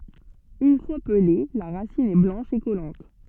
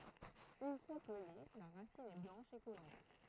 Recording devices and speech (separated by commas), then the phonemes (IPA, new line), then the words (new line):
soft in-ear microphone, throat microphone, read sentence
yn fwa pəle la ʁasin ɛ blɑ̃ʃ e kɔlɑ̃t
Une fois pelée, la racine est blanche et collante.